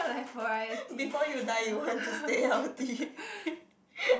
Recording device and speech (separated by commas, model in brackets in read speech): boundary microphone, conversation in the same room